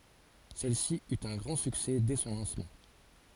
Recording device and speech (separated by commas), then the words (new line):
forehead accelerometer, read sentence
Celle-ci eut un grand succès dès son lancement.